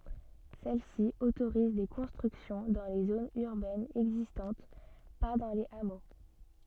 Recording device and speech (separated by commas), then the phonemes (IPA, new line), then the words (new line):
soft in-ear microphone, read sentence
sɛl si otoʁiz de kɔ̃stʁyksjɔ̃ dɑ̃ le zonz yʁbɛnz ɛɡzistɑ̃t pa dɑ̃ lez amo
Celle-ci autorise des constructions dans les zones urbaines existantes, pas dans les hameaux.